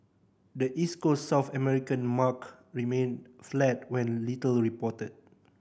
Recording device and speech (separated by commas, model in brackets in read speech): boundary microphone (BM630), read sentence